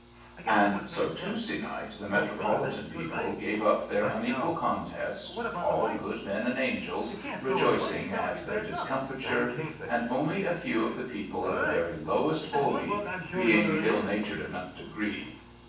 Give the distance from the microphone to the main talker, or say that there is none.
9.8 m.